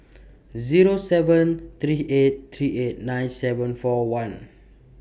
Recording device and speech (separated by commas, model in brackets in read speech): boundary microphone (BM630), read sentence